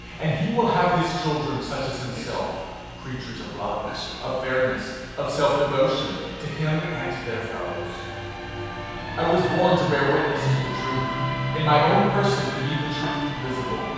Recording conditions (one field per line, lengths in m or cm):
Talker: one person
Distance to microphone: 7.1 m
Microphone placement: far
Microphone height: 1.7 m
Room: very reverberant, large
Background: television